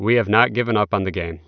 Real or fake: real